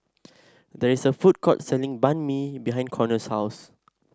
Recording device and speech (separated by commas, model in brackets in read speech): standing microphone (AKG C214), read sentence